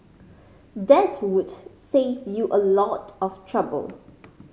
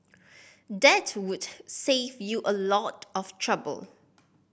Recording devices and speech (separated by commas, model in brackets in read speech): mobile phone (Samsung C5010), boundary microphone (BM630), read sentence